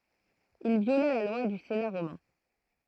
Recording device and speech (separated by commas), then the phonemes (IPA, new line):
throat microphone, read sentence
il vjola la lwa dy sena ʁomɛ̃